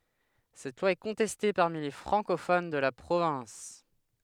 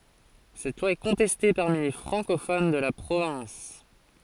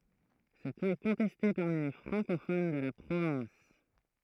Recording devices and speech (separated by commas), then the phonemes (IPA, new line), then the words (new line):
headset microphone, forehead accelerometer, throat microphone, read sentence
sɛt lwa ɛ kɔ̃tɛste paʁmi le fʁɑ̃kofon də la pʁovɛ̃s
Cette loi est contestée parmi les francophones de la province.